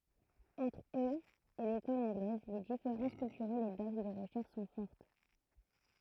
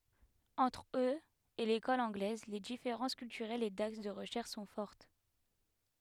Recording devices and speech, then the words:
throat microphone, headset microphone, read sentence
Entre eux et l'école anglaise, les différences culturelles et d'axes de recherche sont fortes.

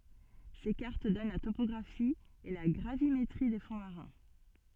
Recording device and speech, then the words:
soft in-ear microphone, read sentence
Ces cartes donnent la topographie et la gravimétrie des fonds marins.

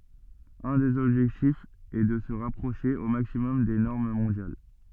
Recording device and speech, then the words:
soft in-ear microphone, read sentence
Un des objectifs est de se rapprocher au maximum des normes mondiales.

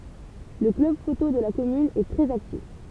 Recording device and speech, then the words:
temple vibration pickup, read sentence
Le club photo de la commune est très actif.

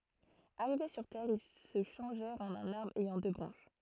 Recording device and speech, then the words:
throat microphone, read sentence
Arrivés sur terre, ils se changèrent en un arbre ayant deux branches.

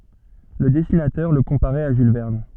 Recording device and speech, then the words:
soft in-ear microphone, read sentence
Le dessinateur le comparait à Jules Verne.

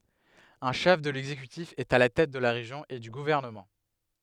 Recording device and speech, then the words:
headset microphone, read sentence
Un chef de l'exécutif est à la tête de la région et du gouvernement.

